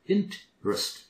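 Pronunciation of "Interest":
'Interest' is pronounced correctly here.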